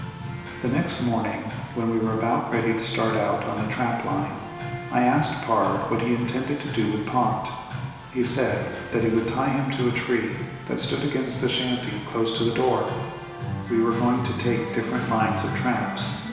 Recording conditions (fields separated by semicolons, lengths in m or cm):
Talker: one person; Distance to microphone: 1.7 m; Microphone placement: close; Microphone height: 1.0 m; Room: very reverberant, large; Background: music